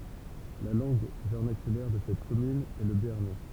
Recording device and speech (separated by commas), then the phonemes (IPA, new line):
temple vibration pickup, read sentence
la lɑ̃ɡ vɛʁnakylɛʁ də sɛt kɔmyn ɛ lə beaʁnɛ